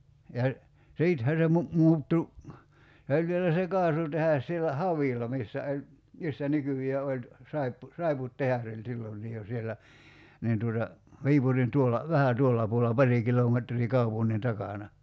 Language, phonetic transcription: Finnish, ja , 'siithä se mu- , 'mu̬uttu , 'se oĺ vielä se 'kaasutehas sielä "Havìl̆la 'missä oĺ , missä 'nykyj̀ee oĺ , 'saippu- , 'saiput"tehas ‿oĺ 'sillonnii jo 'siellä , 'niin tuota , 'Viipurin 'tuolla , "vähä 'tuolla 'puol(el)la "pari kilometrii 'kaupunnin 'takàna .
- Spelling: ja sittenhän se - muuttui se oli vielä se kaasutehdas siellä Havilla missä oli missä nykyään oli - saippuatehdas oli silloinkin jo siellä niin tuota Viipurin tuolla vähän tuolla puolella pari kilometriä kaupungin takana

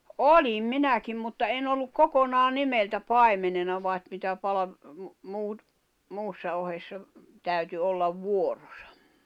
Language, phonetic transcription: Finnish, oĺim 'minäkim mutta 'en 'olluk "kokonaa "nimeltä "pài̬menena vàet mitä palav- , muut , 'muussa ohessa , 'täyty ollav 'vuoᴏsᴀ .
- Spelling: olin minäkin mutta en ollut kokonaan nimeltä paimenena vaan mitä - muut muussa ohessa täytyi olla vuoronsa

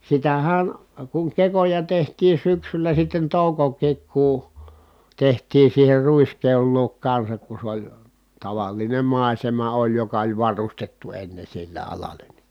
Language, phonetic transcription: Finnish, sitähä̀n , kuŋ kekoja tehtii syksylä sitten tòukok̆kiik kù , tehtiin̬ siiher ruiskeol luok kansak ku sᵉ ‿oĺ , taval̀inem mài̮sema oĺ joka oĺ varustettu enne sille alal̀eN NI .
- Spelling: sitähän kun kekoja tehtiin syksyllä sitten toukokin kun tehtiin siihen ruiskeon luo kanssa kun se oli tavallinen maisema oli joka oli varustettu ennen sille alalle niin

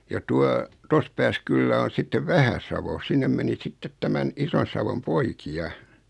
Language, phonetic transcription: Finnish, ja 'tua , 'tos pääs 'kyllä on̬ 'sittev 'Vähäsavo 'sinnem meni 'sittet 'tämän , 'Ison̬savom "poiki₍a .
- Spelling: ja tuota tuossa päässä kyllä on sitten Vähä-Savo sinne meni sitten tämän Ison-Savon poikia

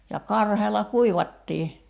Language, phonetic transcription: Finnish, ja 'karheela "kuivattii .
- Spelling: ja karheella kuivattiin

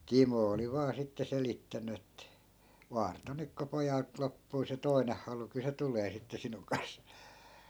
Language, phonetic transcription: Finnish, "timo 'oli vaa sitte 'selittäny ett(ä) » 'vaarto nyk ko 'pojalt loppuu se "toineh halu kyl se 'tulee sitte 'sinuŋ kans » .
- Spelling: Timo oli vain sitten selittänyt että vartoa nyt kun pojalta loppuu se toinen halu kyllä se tulee sitten sinun kanssa

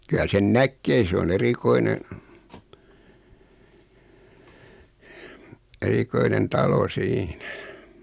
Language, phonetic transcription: Finnish, kylä sen "näkkee se o'n ‿erikoine , 'erikoinen "talo 'siinä .
- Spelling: kyllä sen näkee se on erikoinen erikoinen talo siinä

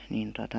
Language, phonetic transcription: Finnish, niin tota ,.
- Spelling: niin tuota

